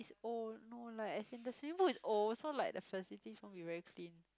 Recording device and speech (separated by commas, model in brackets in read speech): close-talking microphone, conversation in the same room